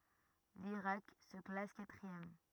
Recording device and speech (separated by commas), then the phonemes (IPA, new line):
rigid in-ear microphone, read sentence
liʁak sə klas katʁiɛm